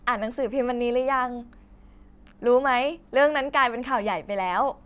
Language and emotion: Thai, happy